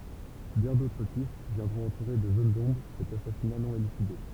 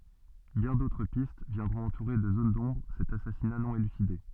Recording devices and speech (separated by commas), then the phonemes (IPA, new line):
temple vibration pickup, soft in-ear microphone, read sentence
bjɛ̃ dotʁ pist vjɛ̃dʁɔ̃t ɑ̃tuʁe də zon dɔ̃bʁ sɛt asasina nɔ̃ elyside